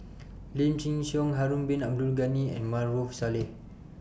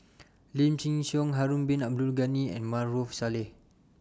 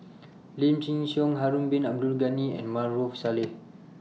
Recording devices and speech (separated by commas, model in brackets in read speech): boundary microphone (BM630), standing microphone (AKG C214), mobile phone (iPhone 6), read sentence